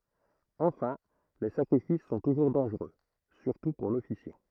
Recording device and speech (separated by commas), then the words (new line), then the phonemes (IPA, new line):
throat microphone, read sentence
Enfin, les sacrifices sont toujours dangereux, surtout pour l'officiant.
ɑ̃fɛ̃ le sakʁifis sɔ̃ tuʒuʁ dɑ̃ʒʁø syʁtu puʁ lɔfisjɑ̃